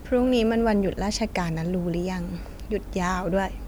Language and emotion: Thai, neutral